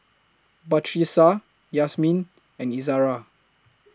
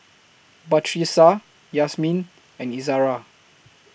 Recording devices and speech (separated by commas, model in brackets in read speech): close-talking microphone (WH20), boundary microphone (BM630), read sentence